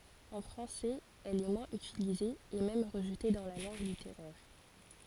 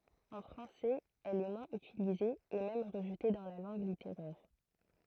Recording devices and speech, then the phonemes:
forehead accelerometer, throat microphone, read sentence
ɑ̃ fʁɑ̃sɛz ɛl ɛ mwɛ̃z ytilize e mɛm ʁəʒte dɑ̃ la lɑ̃ɡ liteʁɛʁ

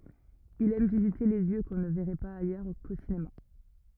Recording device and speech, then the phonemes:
rigid in-ear microphone, read sentence
il ɛm vizite de ljø kɔ̃ nə vɛʁɛ paz ajœʁ ko sinema

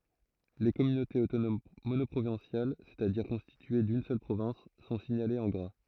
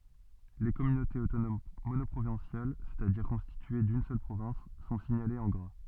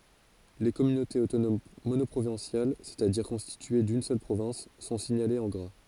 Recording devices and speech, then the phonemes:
throat microphone, soft in-ear microphone, forehead accelerometer, read sentence
le kɔmynotez otonom monɔpʁovɛ̃sjal sɛstadiʁ kɔ̃stitye dyn sœl pʁovɛ̃s sɔ̃ siɲalez ɑ̃ ɡʁa

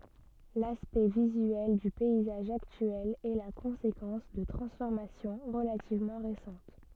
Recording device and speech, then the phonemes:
soft in-ear microphone, read sentence
laspɛkt vizyɛl dy pɛizaʒ aktyɛl ɛ la kɔ̃sekɑ̃s də tʁɑ̃sfɔʁmasjɔ̃ ʁəlativmɑ̃ ʁesɑ̃t

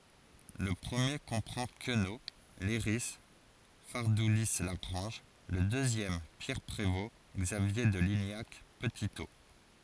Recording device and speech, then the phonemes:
forehead accelerometer, read sentence
lə pʁəmje kɔ̃pʁɑ̃ kəno lɛʁi faʁduli laɡʁɑ̃ʒ lə døzjɛm pjɛʁ pʁevo ɡzavje də liɲak pətito

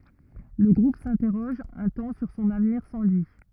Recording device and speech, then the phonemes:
rigid in-ear microphone, read sentence
lə ɡʁup sɛ̃tɛʁɔʒ œ̃ tɑ̃ syʁ sɔ̃n avniʁ sɑ̃ lyi

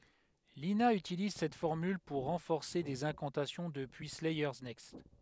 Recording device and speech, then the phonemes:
headset microphone, read sentence
lina ytiliz sɛt fɔʁmyl puʁ ʁɑ̃fɔʁse dez ɛ̃kɑ̃tasjɔ̃ dəpyi slɛjœʁ nɛkst

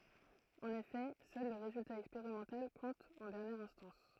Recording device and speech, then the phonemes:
throat microphone, read sentence
ɑ̃n efɛ sœl lə ʁezylta ɛkspeʁimɑ̃tal kɔ̃t ɑ̃ dɛʁnjɛʁ ɛ̃stɑ̃s

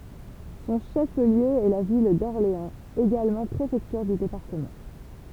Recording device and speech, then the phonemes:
temple vibration pickup, read sentence
sɔ̃ ʃəfliø ɛ la vil dɔʁleɑ̃z eɡalmɑ̃ pʁefɛktyʁ dy depaʁtəmɑ̃

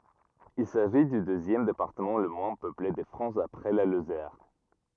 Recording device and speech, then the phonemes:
rigid in-ear microphone, read sentence
il saʒi dy døzjɛm depaʁtəmɑ̃ lə mwɛ̃ pøple də fʁɑ̃s apʁɛ la lozɛʁ

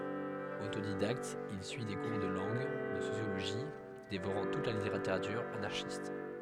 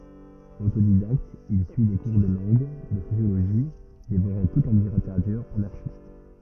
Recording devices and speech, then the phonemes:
headset microphone, rigid in-ear microphone, read sentence
otodidakt il syi de kuʁ də lɑ̃ɡ də sosjoloʒi devoʁɑ̃ tut la liteʁatyʁ anaʁʃist

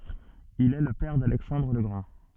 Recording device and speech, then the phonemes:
soft in-ear microphone, read sentence
il ɛ lə pɛʁ dalɛksɑ̃dʁ lə ɡʁɑ̃

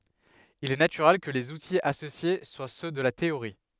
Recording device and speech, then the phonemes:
headset microphone, read sentence
il ɛ natyʁɛl kə lez utiz asosje swa sø də la teoʁi

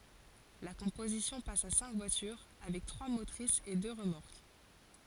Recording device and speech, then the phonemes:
forehead accelerometer, read sentence
la kɔ̃pozisjɔ̃ pas a sɛ̃k vwatyʁ avɛk tʁwa motʁisz e dø ʁəmɔʁk

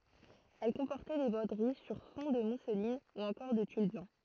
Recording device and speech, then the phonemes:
throat microphone, read sentence
ɛl kɔ̃pɔʁtɛ de bʁodəʁi syʁ fɔ̃ də muslin u ɑ̃kɔʁ də tyl blɑ̃

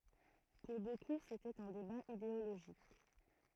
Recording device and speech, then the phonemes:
throat microphone, read sentence
puʁ boku setɛt œ̃ deba ideoloʒik

